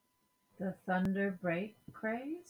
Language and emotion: English, surprised